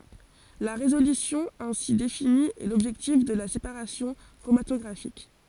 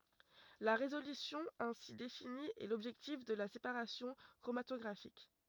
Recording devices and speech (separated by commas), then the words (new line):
forehead accelerometer, rigid in-ear microphone, read sentence
La résolution ainsi définie est l'objectif de la séparation chromatographique.